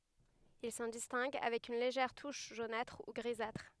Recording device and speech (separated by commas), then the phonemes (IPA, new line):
headset microphone, read sentence
il sɑ̃ distɛ̃ɡ avɛk yn leʒɛʁ tuʃ ʒonatʁ u ɡʁizatʁ